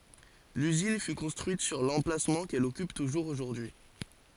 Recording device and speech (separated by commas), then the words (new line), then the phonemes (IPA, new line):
forehead accelerometer, read sentence
L'usine fut construite sur l'emplacement qu'elle occupe toujours aujourd'hui.
lyzin fy kɔ̃stʁyit syʁ lɑ̃plasmɑ̃ kɛl ɔkyp tuʒuʁz oʒuʁdyi